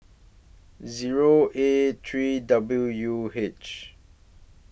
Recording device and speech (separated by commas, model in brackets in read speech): boundary microphone (BM630), read sentence